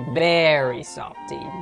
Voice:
High pitched